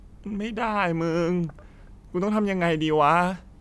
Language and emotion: Thai, sad